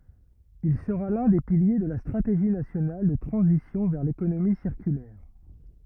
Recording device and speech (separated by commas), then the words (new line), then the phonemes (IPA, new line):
rigid in-ear microphone, read sentence
Il sera l'un des piliers de la Stratégie nationale de transition vers l'économie circulaire.
il səʁa lœ̃ de pilje də la stʁateʒi nasjonal də tʁɑ̃zisjɔ̃ vɛʁ lekonomi siʁkylɛʁ